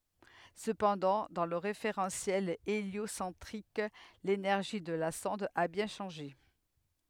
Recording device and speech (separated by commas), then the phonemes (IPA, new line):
headset microphone, read sentence
səpɑ̃dɑ̃ dɑ̃ lə ʁefeʁɑ̃sjɛl eljosɑ̃tʁik lenɛʁʒi də la sɔ̃d a bjɛ̃ ʃɑ̃ʒe